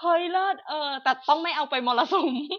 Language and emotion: Thai, happy